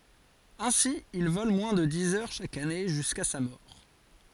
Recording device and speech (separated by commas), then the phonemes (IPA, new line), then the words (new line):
forehead accelerometer, read sentence
ɛ̃si il vɔl mwɛ̃ də diz œʁ ʃak ane ʒyska sa mɔʁ
Ainsi, il vole moins de dix heures chaque année jusqu'à sa mort.